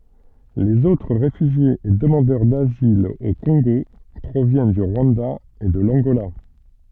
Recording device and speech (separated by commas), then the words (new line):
soft in-ear microphone, read sentence
Les autres réfugiés et demandeurs d'asile au Congo proviennent du Rwanda et de l'Angola.